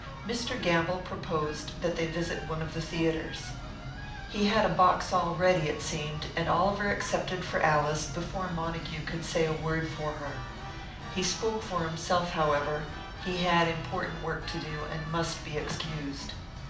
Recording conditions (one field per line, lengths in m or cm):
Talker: one person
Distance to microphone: 2.0 m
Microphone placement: close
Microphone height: 99 cm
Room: medium-sized (5.7 m by 4.0 m)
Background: music